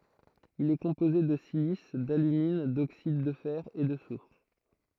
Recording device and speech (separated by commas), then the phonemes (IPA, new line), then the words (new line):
throat microphone, read sentence
il ɛ kɔ̃poze də silis dalymin doksid də fɛʁ e də sufʁ
Il est composé de silice, d’alumine, d’oxydes de fer, et de soufre.